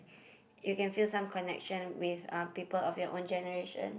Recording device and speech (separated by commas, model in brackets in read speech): boundary microphone, conversation in the same room